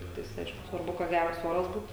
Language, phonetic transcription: Lithuanian, ˈtiktais ˈaišku svarˈbu kad ˈgæras ˈoras ˈbūt

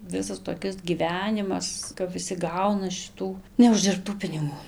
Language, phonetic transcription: Lithuanian, ˈvisas toˈkis gyˈvenimas kap viˈsi ˈgauna šiˈtų neuždirbˈtų piniˈgų

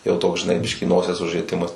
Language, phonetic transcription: Lithuanian, jau ˈtoks žiˈnai ˈbiškį ˈnosies užrieˈtimas

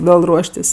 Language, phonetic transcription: Lithuanian, ˈvėl ˈruoštis'

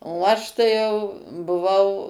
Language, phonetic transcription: Lithuanian, o ˈaš tai jau buˈvau

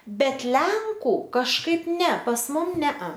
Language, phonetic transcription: Lithuanian, ˈbet ˈlenku kažˈkaip ˈne pas ˈmum ˈnea

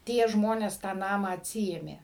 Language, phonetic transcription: Lithuanian, ˈtie ˈžmonės tą ˈnamą atˈsiėmė

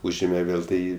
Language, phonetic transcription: Lithuanian, ˈūžėme ˈvėl ˈtai

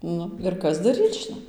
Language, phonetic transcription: Lithuanian, ˈnu ir ˈkas daˈryc žiˈnai

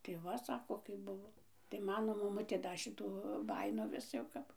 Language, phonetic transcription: Lithuanian, tai ˈva ˈsako kaip ˈbuvo tai ˈmano maˈmutė ˈda ˈšitų ˈbajino ˈvis jau ˈkap

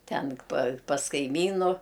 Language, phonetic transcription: Lithuanian, ˈten pa pas kaiˈmynu

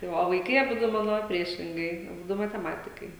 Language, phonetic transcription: Lithuanian, tai ˈva o vaiˈkai aˈbudu ˈmano ˈpriešingai aˈbudu mateˈmatikai

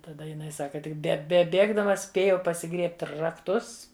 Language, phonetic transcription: Lithuanian, taˈda jiˈnai ˈsaka ˈtik be beˈbėgdama ˈspėjau pasiˈgriebt' rakˈtus

